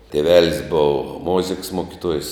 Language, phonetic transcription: Lithuanian, tėˈvelis ˈbuvo ˈmoziks ˈmuokituojs

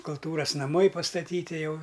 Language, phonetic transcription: Lithuanian, kulˈtūras naˈmai pastaˈtyti ˈjau

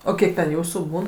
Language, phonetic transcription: Lithuanian, o ˈkiek ten ˈjūsų ˈbūn

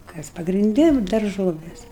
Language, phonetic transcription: Lithuanian, ˈkas pagrinˈdi ˈnu darˈžovės

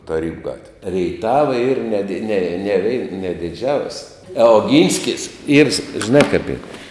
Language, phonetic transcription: Lithuanian, taˈrybu ˈgatvė reiˈtava yr ne di ne neˈvei ne diˈdžiaus' a oˈgynskis yr s ˈžinā kap yr

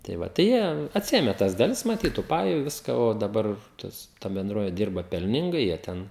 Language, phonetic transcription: Lithuanian, tai ˈva tai ˈjie atˈsiėme tas daˈlis maˈtyt tų ˈpaju ˈviska o daˈbar ˈtas ta benˈdrove ˈdirba pelˈningai jie ˈten

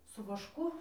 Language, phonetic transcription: Lithuanian, su vašˈku

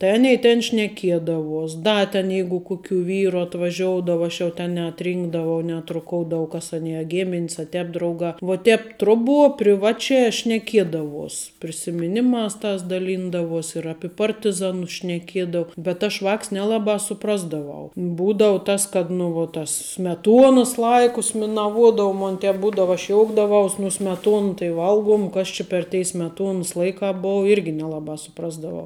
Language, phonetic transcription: Lithuanian, tai ˈanei ten šneˈkiedavuos ˈda ten ˈjeigu ˈkukių ˈvyru atvaˈžioudava ˈaš jau ten neatˈrynkdavau neatruˈkoudauvau kas aˈnie a ˈgimin's a ˈtēp ˈdraugā vo ˈtēp ˈtroˌbuo priˈvačiā šneˈkiedavuos prisimiˈnimās ˈtās daˈlyndavuos ir ˈapi ˈpartiˌzanus šneˈkiedau bet aš ˈvāks neˈlabā suˈprasdavau ˈbūdavau tas kad nu vuo ˈtas smeˈtuonas ˈlaikus minaˈvuodu ˈmon ˈtēp ˈbūdava aš ˈjoukdavaus nu smeˈtuona tai ˈvalguom ˈkas či per tei smeˈtuonus ˈlaikā ˈbou ˈirgi neˈlabā suˈprasdavau

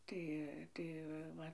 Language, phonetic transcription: Lithuanian, ˈtai ˈtai va ˈva

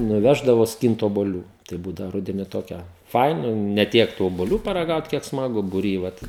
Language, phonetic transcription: Lithuanian, nuˈveždavo ˈskynt obuoˈlių tai ˈbūdavo ˈrudeni ˈtokia ˈfaina ne ˈtiek tų obuˈlių paraˈgaut kiek smaˈgu buˈry ˈvat

